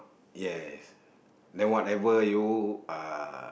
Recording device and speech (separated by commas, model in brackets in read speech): boundary microphone, conversation in the same room